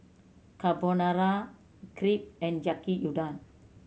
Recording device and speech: mobile phone (Samsung C7100), read sentence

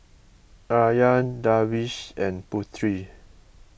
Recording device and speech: boundary microphone (BM630), read sentence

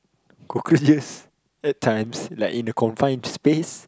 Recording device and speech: close-talking microphone, conversation in the same room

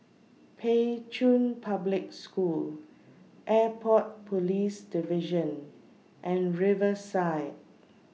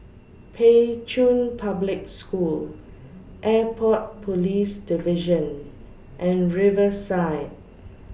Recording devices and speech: mobile phone (iPhone 6), boundary microphone (BM630), read sentence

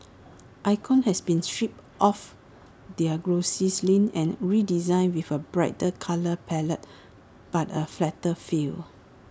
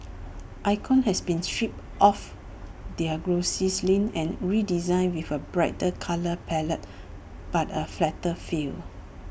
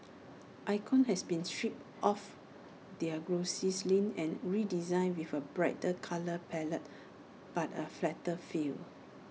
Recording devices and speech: standing microphone (AKG C214), boundary microphone (BM630), mobile phone (iPhone 6), read sentence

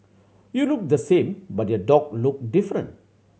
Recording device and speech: mobile phone (Samsung C7100), read sentence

